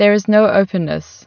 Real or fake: real